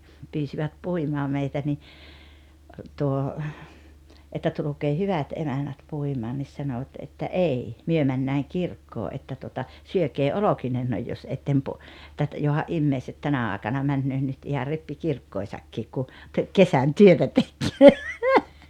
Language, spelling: Finnish, pyysivät puimaan meitä niin tuo että tulkaa hyvät emännät puimaan niin sanoivat että ei me mennään kirkkoon että tuota syökää olkinenne jos ette - - että johan ihmiset tänä aikana menevät nyt ihan rippikirkkoihinsakin kun - kesän työtä tekee
- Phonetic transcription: 'pyysivät 'puimaa 'meitä ni , tuo , että » 'tuluk̀ee "hyvät "emännät 'puimaan « nis 'sanoᵛat että » "’ei , 'myö männääŋ "kirkkoo ’että tuota , 'syökee "olokinennoj jos 'ettem po- , [et]tä et , joha’ "’immeiset 'tänä àekana 'männöö nyt iha "rippikirkkòisakkiik ku , ke- , "kesän "työtä 'tekkee « .

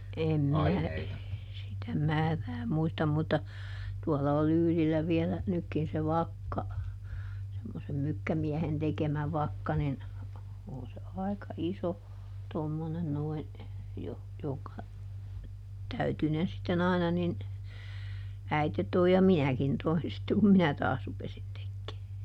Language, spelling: Finnish, en minä sitä määrää muista mutta tuolla on Lyylillä vielä nytkin se vakka semmoisen mykkämiehen tekemä vakka niin on se aika iso tuommoinen noin - jonka täytyinen sitten aina niin äiti toi ja minäkin toin sitten kun minä taas rupesin tekee
- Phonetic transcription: ˈem minä , sitä "määrää ˈmuistam mutta , ˈtuɔla o "Lyylillä vielä , ˈnykkin se "vakka , semmosem ˈmykkämiɛhen tekemä ˈvakka nin , ˈon se ˈai̮ka ˈiso , ˈtommonen ˈnoin , joh- , joŋka , ˈtäytynen sitteˈn ‿aina nin , ˈäite toi ja "minäkin toin sitte kum "minä taas rupesin ˈtekkee .

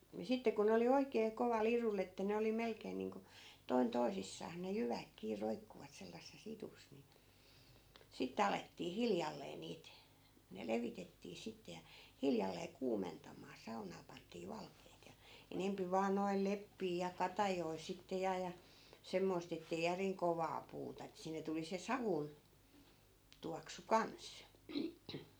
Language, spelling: Finnish, niin sitten kun ne oli oikein kovalla idulla että ne oli melkein niin kuin toinen toisissaan ne jyvät kiinni roikkuivat sellaisessa idussa niin sitten alettiin hiljalleen niitä ne levitettiin sitten ja hiljalleen kuumentamaan saunaan pantiin valkeat ja enempi vain noilla leppiä ja katajia sitten ja ja semmoista että ei järin kovaa puuta että sinne tuli se savun tuoksu kanssa
- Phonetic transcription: ni 'sitte ku ne oli 'oikee 'koval̆'l ‿irull ‿että 'ne oli 'melkeen niiŋko , 'toin "toisissaas ne 'jyväk kii 'roikkuvat sellasses 'itus ni , 'sittᵉ alettii "hiljallee niit , ne 'levitettii 'sitte ja , 'hiljallee 'kuumentam̆maa 'saunaa pant̀ii 'valkeet ja , 'enempi vaan noi̮l 'leppii ja 'katajoi sitte ja ja , 'semmoist ‿ettei järiŋ "kovaa 'puuta ettᵃ̈ 'sinne tuli se 'savun , 'tuaksu "kans .

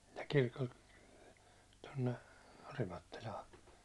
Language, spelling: Finnish, ja kirkolta tuonne Orimattilaan
- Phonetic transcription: ja 'kirkolt , 'tonne , 'Orimattilaa .

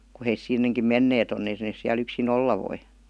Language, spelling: Finnish, kun he sinnekin menneet on että ne siellä yksin olla voi
- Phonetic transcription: ku heis 'sinneŋkim "menneet ‿on et nees siäl ‿yk-si"n ‿olla 'voi .

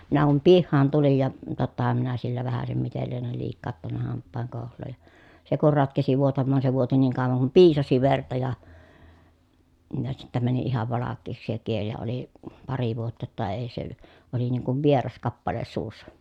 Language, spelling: Finnish, minä kun pihaan tulin ja tottahan minä sillä vähäisen miten liene liikauttanut hampaan kouhloa ja se kun ratkesi vuotamaan se vuoti niin kauan kuin piisasi verta ja ja sitten meni ihan valkeaksi se kieli ja oli pari vuotta jotta ei se oli niin kuin vieras kappale suussa
- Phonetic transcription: minä kum pihhaan tulij ja , tottaham minä sillä vähäsem mitel lienel liikkaattanna hamppaaŋ kòuhl̆looj ja , se kur ratkesi vuotammaan se vuoti niiŋ kàovaŋ kum piisasi verta ja , ja sittä mäni ihav valakkeeksi se kiel ja oli , pari vuotta ‿tta èi se , oli niiŋ kuv vieras kappale suussa .

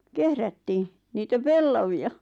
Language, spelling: Finnish, kehrättiin niitä pellavia
- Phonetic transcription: kehrättii , niitä 'pellavi₍a .

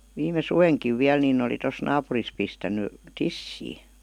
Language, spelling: Finnish, viime suvenakin vielä niin oli tuossa naapurissa pistänyt tissiin
- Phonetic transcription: 'viime "suveŋkiv 'viäl ninⁿ ‿oli tos 'naapuris pistän̆ny , "tissii .

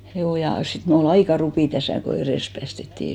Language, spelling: Finnish, juu ja sitten minulla oli aika rupi tässä kun edes päästettiin
- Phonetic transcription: 'juu , ja 'sit mul ‿o'l ‿aika 'rupì 'täsä̀ ko 'erès päästettì .

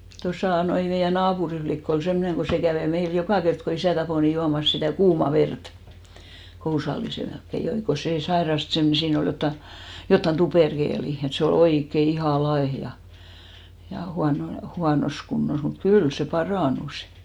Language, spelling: Finnish, tuossa noin meidän naapurin likka oli semmoinen kun se kävi meillä joka kerta kun isä tappoi niin juomassa sitä kuumaa verta kousallisen melkein joi kun se sairasti - siinä oli jotakin jotakin tuperkelia että se oli oikein ihan laiha ja - huonossa kunnossa mutta kyllä se parantui
- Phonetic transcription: tosà 'noi meijä 'naapuri flikk ‿ol "semmᵒneŋ ɢo 'se kävè 'meil "jokà kert ko 'isä̀ tapò ni 'juamas sitä̀ "kuuma 'vert , 'kousallise melkke 'joi , ko sè 'sairast sem- , 'siin ‿ol jotta , jottan 'tuperkeeli , et se o"l ‿oikke "ihà 'laeh ja , huano- , 'huanos kunnos , mut "kyl se 'parànusɪ .

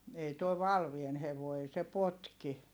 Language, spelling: Finnish, ei tuo Valveen hevonen ei se potki
- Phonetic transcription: ei tuo Valvien hevòi̮ ei se potki .

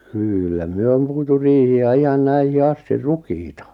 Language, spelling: Finnish, kyllä me on puitu riihiä ihan näihin asti rukiita
- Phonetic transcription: 'kyllä 'myö om puitu "riihi₍ä 'ihan 'näihi 'asti "rukiita .

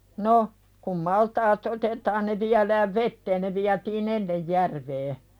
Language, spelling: Finnish, no kun maltaat otetaan ne viedään veteen ne vietiin ennen järveen
- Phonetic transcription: 'no , kum maltaa"t ‿otetaan ne 'viälääv "vetteen ne viätii"n ‿ennej 'järvee .

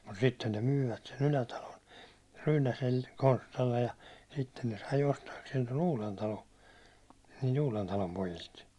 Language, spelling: Finnish, mutta sitten ne myivät sen Ylätalon - Konstalle ja sitten ne sai ostaakseen tuon Uudentalon niiltä Uudentalon pojilta
- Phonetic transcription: mut 'sitten ne "myyvät sen 'Ylätalon , Ryynäsel- , 'Konstallej ja , sitten ne sai 'ostaakseen ton "Uulentalon̬ , niilt 'Uulentalom 'pojilt .

